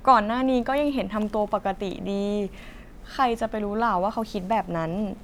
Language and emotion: Thai, neutral